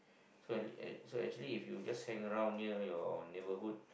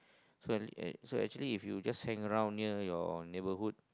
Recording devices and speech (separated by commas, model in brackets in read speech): boundary microphone, close-talking microphone, conversation in the same room